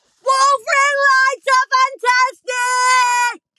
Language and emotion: English, sad